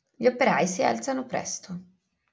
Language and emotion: Italian, neutral